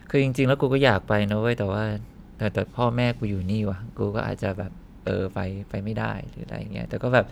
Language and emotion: Thai, frustrated